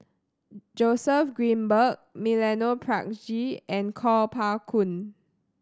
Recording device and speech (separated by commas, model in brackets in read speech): standing microphone (AKG C214), read sentence